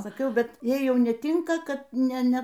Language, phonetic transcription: Lithuanian, saˈkiau ˈbet ˈjai ˈjau neˈtinka kad ˈne ˈne

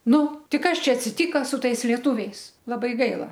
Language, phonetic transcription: Lithuanian, ˈnu ˈti ˈkas ˈčia atsiˈtyka su ˈtais lieˈtuviais laˈbai ˈgaila

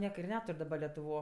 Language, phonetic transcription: Lithuanian, ˈnieka ir ˈnetur' daˈba letuˈvo

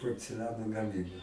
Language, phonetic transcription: Lithuanian, porceˈliano gaˈmyboj

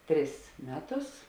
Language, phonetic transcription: Lithuanian, ˈtris ˈmeˌtus

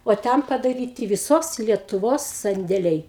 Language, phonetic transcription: Lithuanian, o ˈten padaˈryti viˈsos lietuˈvos sandėˈliai

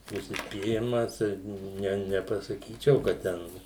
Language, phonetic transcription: Lithuanian, užsispyˈrimas ir ˈne nepasaˈkyčiau kad ˈten

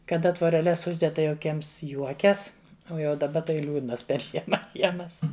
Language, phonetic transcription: Lithuanian, kaˈda tvoreˈles ˈužded ˈtai jau kiems ˈjuokias ˈo ˈjau daˈba tai ˈliūdnas per ˈžiema ˈkiemas

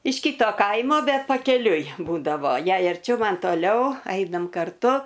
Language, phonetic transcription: Lithuanian, iš ˈkyto ˈkaimo ˈbet pakeˈliui ˈbūdavo ˈjai arˈčiau ˈman toˈliau ˈainam karˈtu

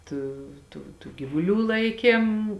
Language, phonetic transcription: Lithuanian, ˈtų tų tų gyvuˈlių ˈlaikėm

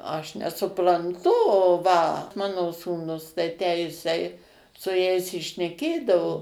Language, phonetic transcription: Lithuanian, ˈaš nesupranˈtu o va ˈmano sūˈnus tai tę ˈjisai su ˈjais i šneˈkėdavo

